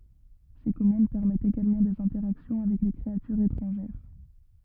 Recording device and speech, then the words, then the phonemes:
rigid in-ear microphone, read sentence
Ces commandes permettent également des interactions avec les créatures étrangères.
se kɔmɑ̃d pɛʁmɛtt eɡalmɑ̃ dez ɛ̃tɛʁaksjɔ̃ avɛk le kʁeatyʁz etʁɑ̃ʒɛʁ

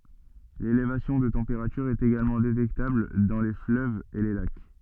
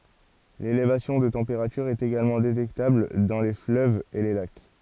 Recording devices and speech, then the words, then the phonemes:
soft in-ear microphone, forehead accelerometer, read sentence
L'élévation de température est également détectable dans les fleuves et les lacs.
lelevasjɔ̃ də tɑ̃peʁatyʁ ɛt eɡalmɑ̃ detɛktabl dɑ̃ le fløvz e le lak

